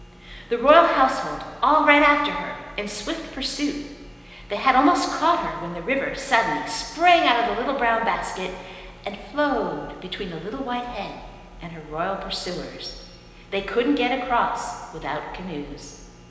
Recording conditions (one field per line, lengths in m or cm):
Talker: one person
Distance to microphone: 1.7 m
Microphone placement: close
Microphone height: 1.0 m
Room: very reverberant, large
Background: none